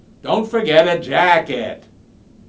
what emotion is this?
disgusted